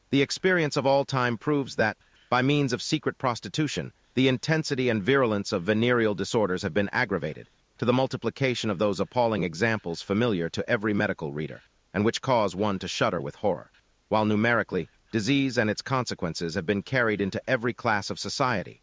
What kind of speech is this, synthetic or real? synthetic